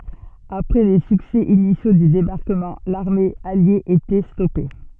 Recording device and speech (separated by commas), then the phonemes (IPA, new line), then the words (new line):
soft in-ear microphone, read sentence
apʁɛ le syksɛ inisjo dy debaʁkəmɑ̃ laʁme alje etɛ stɔpe
Après les succès initiaux du débarquement, l'armée alliée était stoppée.